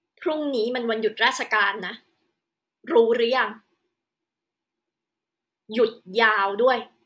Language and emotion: Thai, angry